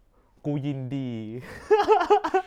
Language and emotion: Thai, happy